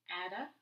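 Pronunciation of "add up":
The t at the end of the first word sounds like a d and links straight into the vowel that starts the next word.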